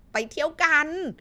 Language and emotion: Thai, happy